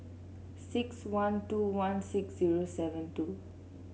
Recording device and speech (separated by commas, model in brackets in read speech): mobile phone (Samsung C7), read sentence